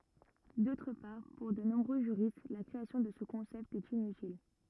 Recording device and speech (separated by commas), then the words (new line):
rigid in-ear microphone, read sentence
D'autre part, pour de nombreux juristes, la création de ce concept est inutile.